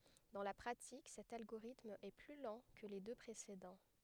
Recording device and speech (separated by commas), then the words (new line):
headset microphone, read sentence
Dans la pratique, cet algorithme est plus lent que les deux précédents.